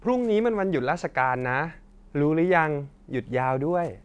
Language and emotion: Thai, neutral